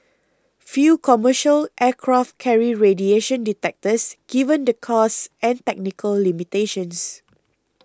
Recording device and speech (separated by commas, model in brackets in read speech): close-talking microphone (WH20), read sentence